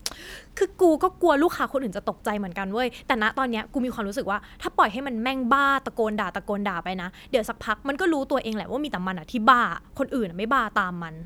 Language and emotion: Thai, frustrated